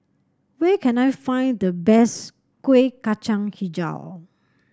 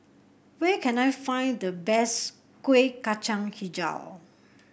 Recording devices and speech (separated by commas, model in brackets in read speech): standing microphone (AKG C214), boundary microphone (BM630), read sentence